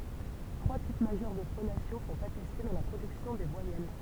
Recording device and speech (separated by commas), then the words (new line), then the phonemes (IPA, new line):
temple vibration pickup, read sentence
Trois types majeurs de phonation sont attestés dans la production des voyelles.
tʁwa tip maʒœʁ də fonasjɔ̃ sɔ̃t atɛste dɑ̃ la pʁodyksjɔ̃ de vwajɛl